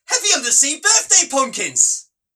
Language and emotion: English, happy